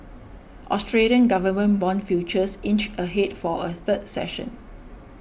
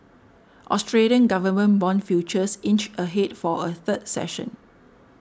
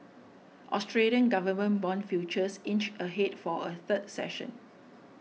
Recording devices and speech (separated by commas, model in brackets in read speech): boundary microphone (BM630), standing microphone (AKG C214), mobile phone (iPhone 6), read sentence